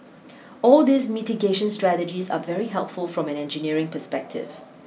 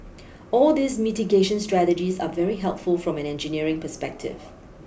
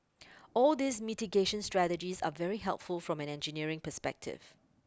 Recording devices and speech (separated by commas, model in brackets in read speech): mobile phone (iPhone 6), boundary microphone (BM630), close-talking microphone (WH20), read sentence